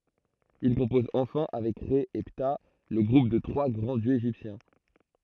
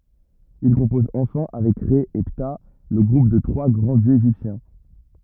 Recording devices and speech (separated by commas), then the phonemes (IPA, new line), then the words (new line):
throat microphone, rigid in-ear microphone, read sentence
il kɔ̃pɔz ɑ̃fɛ̃ avɛk ʁɛ e pta lə ɡʁup de tʁwa ɡʁɑ̃ djøz eʒiptjɛ̃
Il compose enfin avec Rê et Ptah le groupe des trois grands dieux égyptiens.